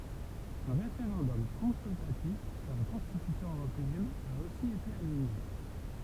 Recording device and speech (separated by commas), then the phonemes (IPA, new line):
temple vibration pickup, read sentence
œ̃ ʁefeʁɑ̃dɔm kɔ̃syltatif syʁ la kɔ̃stitysjɔ̃ øʁopeɛn a osi ete anyle